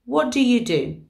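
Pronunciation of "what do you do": In 'what do you do', the t at the end of 'what' disappears before the d at the start of 'do'.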